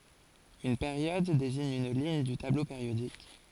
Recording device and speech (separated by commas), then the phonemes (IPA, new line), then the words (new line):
forehead accelerometer, read sentence
yn peʁjɔd deziɲ yn liɲ dy tablo peʁjodik
Une période désigne une ligne du tableau périodique.